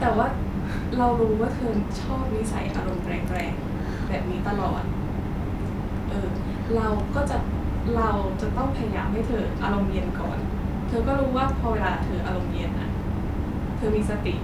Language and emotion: Thai, frustrated